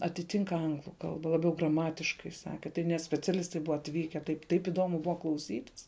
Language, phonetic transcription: Lithuanian, atiˈtink ˈanglu ˈkalba laˈbiau graˈmatiškai ˈsaki tai net speciaˈlistai ˈbuva atˈvyke ˈtaip taip iˈdomu ˈbuva klauˈsytis

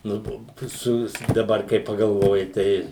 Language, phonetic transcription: Lithuanian, ˈnu to ˈsuvis daˈbar kai pagalˈvoji ˈtei

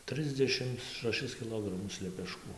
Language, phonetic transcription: Lithuanian, ˈtrɨsdešims šaˈšis kiˈlogramus lepeˈškų

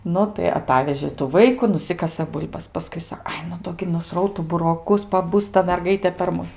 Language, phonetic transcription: Lithuanian, ˈnu tai aˈtavežė tų ˈvaiku nuˈsikasɘ ˈbul'bas paˈskui ˈsa ˈai nu ˈdo gi nuˈsrautu buroˈkus paˈbus ta merˈgaitė per ˈmus

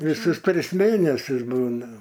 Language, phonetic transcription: Lithuanian, viˈsus ˈtris ˈmėnesius ˈbūna

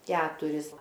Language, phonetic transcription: Lithuanian, ˈketuris

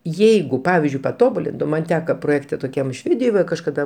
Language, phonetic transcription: Lithuanian, ˈjeigu ˈpavizdžiui paˈtobulintum ˈman' ˈteka proˈjėkte toˈkiam ˈšvėdijoj va kažkaˈda

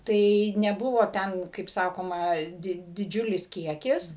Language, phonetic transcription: Lithuanian, ˈtai neˈbuvo ˈten kaip ˈsakoma ˈdi diˈdžiulis ˈkiekis

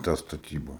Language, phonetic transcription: Lithuanian, tą staˈtyba

